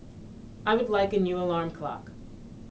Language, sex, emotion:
English
female
neutral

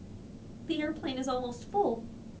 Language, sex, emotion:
English
female
sad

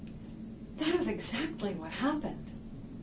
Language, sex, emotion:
English
female
neutral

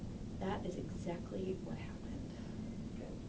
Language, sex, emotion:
English
female
neutral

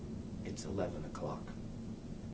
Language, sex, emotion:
English
male
neutral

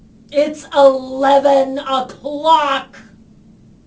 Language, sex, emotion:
English
female
angry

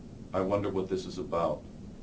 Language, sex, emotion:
English
male
neutral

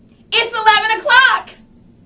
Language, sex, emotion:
English
female
happy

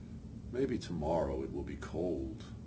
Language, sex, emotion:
English
male
neutral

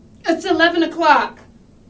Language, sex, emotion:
English
female
fearful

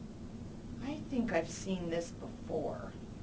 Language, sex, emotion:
English
female
neutral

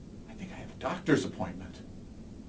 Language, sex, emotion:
English
male
neutral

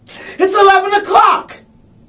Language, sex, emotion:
English
male
angry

